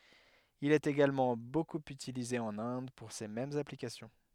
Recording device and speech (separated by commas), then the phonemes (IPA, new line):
headset microphone, read sentence
il ɛt eɡalmɑ̃ bokup ytilize ɑ̃n ɛ̃d puʁ se mɛmz aplikasjɔ̃